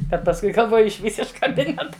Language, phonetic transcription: Lithuanian, bet pasˈkui galˈvoju išˈvys iš kaˈbineta

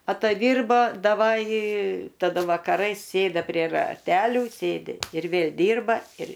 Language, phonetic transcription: Lithuanian, ataˈdyrbo daˈvaj taˈda vakaˈrais ˈsėda prie raˈtelių ˈsėdi ir ˈvėl' ˈdyrba ir

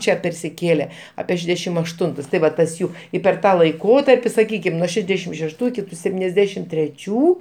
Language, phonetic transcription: Lithuanian, ˈčia persiˈkėle apie ˈšedešim ašˈtuntus tai ˈva ˈtas ˈjų i per ˈtą laiˈkotarpi saˈkykim nuo ˈšedešim šešˈtų iˈki sepˈtyniasˌdešim treˈčių

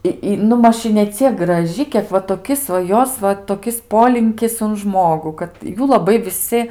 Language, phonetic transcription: Lithuanian, i ˈi nu ˈmaž i neˈciek graˈži ˈkiek va toˈkis va ˈjos va toˈkis ˈpolinkis un ˈžmogu kad ˈjų laˈbai viˈsi

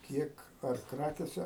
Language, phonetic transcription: Lithuanian, ˈkiek ar ˈkrakėse

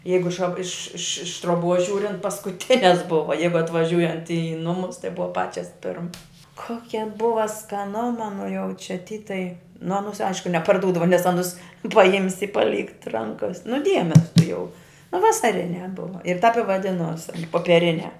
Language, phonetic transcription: Lithuanian, ˈjeigu iš ša iš iš iš truoˈbuos ˈžiūrint paskuˈtines ˈbuva ˈjeigu atvaˈžiūjant i ˈnumus tai ˈbuva ˈpačias ˈpirmas ˈkokia ˈbuva skaˈnuma nu jau čia ty tai nu aˈnūs ˈaišku neparˈdūdavo nes ˈanus paˈjimsi i paˈlykt ˈrankas nu ˈdiemes tuˈjau nu vasaˈriniā ˈbuva ir tap i vaˈdinos an popieˈriniā

